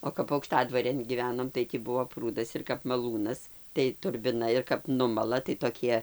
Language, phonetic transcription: Lithuanian, o kap aukˈštadvarėn gyˈvenom tai tį ˈbuo ˈprūdas ir kap maˈlūnas tai turbiˈna ir kap ˈnumala tai toˈkie

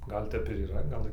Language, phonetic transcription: Lithuanian, ˈgal' tep ir yˈra ˈgal

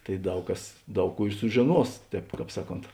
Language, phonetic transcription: Lithuanian, tai ˈdaug ˈkas ˈdaug ˈkų i sužiˈnuos ˈtēp ˈkāp ˈsaˌkont

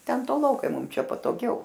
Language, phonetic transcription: Lithuanian, ˈten toˈlokai ˈmum ˈčia patoˈgiau

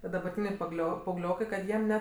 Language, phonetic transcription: Lithuanian, tie dabarˈtyniai paˈglio paauˈgliokai kad ˈjiem ˈne

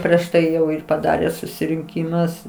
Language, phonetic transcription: Lithuanian, prieš ˈtai ˈjau ir paˈdarė susirinˈkymus

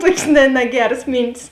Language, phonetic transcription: Lithuanian, ˈtuokės ne neˈgeras ˈmyntis

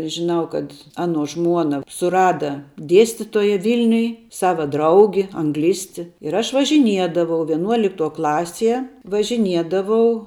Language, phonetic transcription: Lithuanian, žiˈnau kad ˈanuo ˈžmuona suˈrada ˈdiestitoja ˈvilniuj ˈsava ˈdraugi anˈglisti ir ˈaš važiˈniedavau vieˈnuoliktuo ˈklasie važiˈniedavau

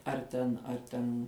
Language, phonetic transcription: Lithuanian, ar ˈten ar ˈten

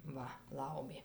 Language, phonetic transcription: Lithuanian, ˈva ˈlaumė

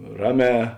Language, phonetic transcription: Lithuanian, ˈraˌmē

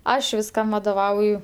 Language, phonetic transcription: Lithuanian, ˈaš visˈkam vadoˈvauju

